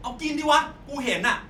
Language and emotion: Thai, angry